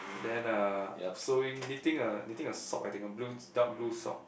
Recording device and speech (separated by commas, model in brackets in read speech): boundary microphone, conversation in the same room